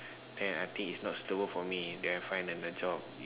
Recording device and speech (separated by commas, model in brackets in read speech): telephone, conversation in separate rooms